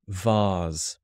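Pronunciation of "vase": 'Vase' is said with the British pronunciation.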